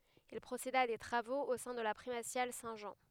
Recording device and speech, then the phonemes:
headset microphone, read sentence
il pʁoseda a de tʁavoz o sɛ̃ də la pʁimasjal sɛ̃ ʒɑ̃

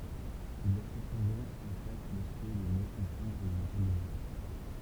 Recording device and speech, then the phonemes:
temple vibration pickup, read sentence
il i a səpɑ̃dɑ̃ ɑ̃ fas lə suɛ də mjø kɔ̃pʁɑ̃dʁ lə mɑ̃tal ymɛ̃

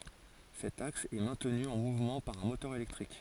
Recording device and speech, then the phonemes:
forehead accelerometer, read sentence
sɛt aks ɛ mɛ̃tny ɑ̃ muvmɑ̃ paʁ œ̃ motœʁ elɛktʁik

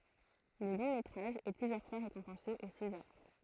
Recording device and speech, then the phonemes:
throat microphone, read sentence
lə lɔ̃ metʁaʒ ɛ plyzjœʁ fwa ʁekɔ̃pɑ̃se o sezaʁ

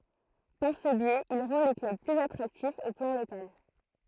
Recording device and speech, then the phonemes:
throat microphone, read sentence
paʁ sə bjɛz il ʁɑ̃ le klœb plyz atʁaktifz o plɑ̃ lokal

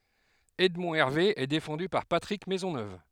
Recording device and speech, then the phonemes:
headset microphone, read sentence
ɛdmɔ̃ ɛʁve ɛ defɑ̃dy paʁ patʁik mɛzɔnøv

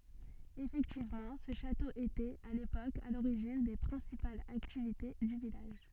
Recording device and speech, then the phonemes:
soft in-ear microphone, read sentence
efɛktivmɑ̃ sə ʃato etɛt a lepok a loʁiʒin de pʁɛ̃sipalz aktivite dy vilaʒ

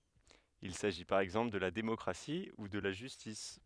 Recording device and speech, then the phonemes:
headset microphone, read sentence
il saʒi paʁ ɛɡzɑ̃pl də la demɔkʁasi u də la ʒystis

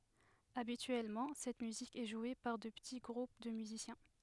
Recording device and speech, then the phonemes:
headset microphone, read sentence
abityɛlmɑ̃ sɛt myzik ɛ ʒwe paʁ də pəti ɡʁup də myzisjɛ̃

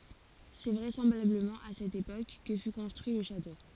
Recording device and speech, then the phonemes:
forehead accelerometer, read sentence
sɛ vʁɛsɑ̃blabləmɑ̃ a sɛt epok kə fy kɔ̃stʁyi lə ʃato

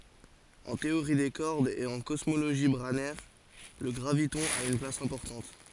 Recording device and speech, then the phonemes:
forehead accelerometer, read sentence
ɑ̃ teoʁi de kɔʁdz e ɑ̃ kɔsmoloʒi bʁanɛʁ lə ɡʁavitɔ̃ a yn plas ɛ̃pɔʁtɑ̃t

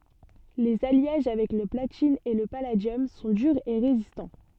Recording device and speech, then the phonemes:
soft in-ear microphone, read sentence
lez aljaʒ avɛk lə platin e lə paladjɔm sɔ̃ dyʁz e ʁezistɑ̃

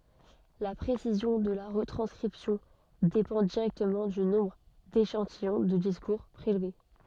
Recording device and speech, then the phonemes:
soft in-ear microphone, read sentence
la pʁesizjɔ̃ də la ʁətʁɑ̃skʁipsjɔ̃ depɑ̃ diʁɛktəmɑ̃ dy nɔ̃bʁ deʃɑ̃tijɔ̃ də diskuʁ pʁelve

